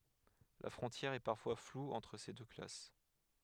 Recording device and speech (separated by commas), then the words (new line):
headset microphone, read sentence
La frontière est parfois floue entre ces deux classes.